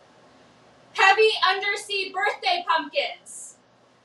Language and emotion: English, neutral